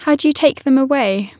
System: none